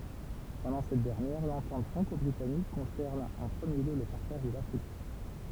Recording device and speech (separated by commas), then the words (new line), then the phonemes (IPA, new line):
temple vibration pickup, read sentence
Pendant cette dernière, l'entente franco-britannique concerne en premier lieu le partage de l'Afrique.
pɑ̃dɑ̃ sɛt dɛʁnjɛʁ lɑ̃tɑ̃t fʁɑ̃kɔbʁitanik kɔ̃sɛʁn ɑ̃ pʁəmje ljø lə paʁtaʒ də lafʁik